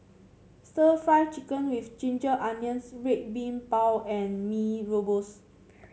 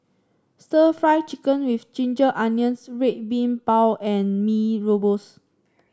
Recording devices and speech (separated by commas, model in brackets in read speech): mobile phone (Samsung C7), standing microphone (AKG C214), read sentence